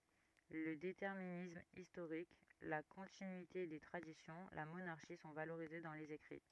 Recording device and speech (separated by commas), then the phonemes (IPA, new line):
rigid in-ear microphone, read sentence
lə detɛʁminism istoʁik la kɔ̃tinyite de tʁadisjɔ̃ la monaʁʃi sɔ̃ valoʁize dɑ̃ lez ekʁi